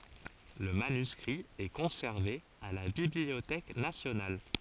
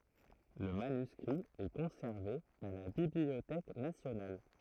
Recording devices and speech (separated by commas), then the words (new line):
forehead accelerometer, throat microphone, read sentence
Le manuscrit est conservé à la Bibliothèque nationale.